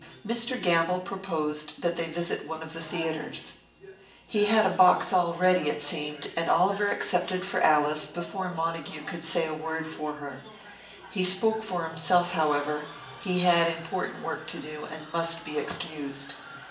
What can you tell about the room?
A sizeable room.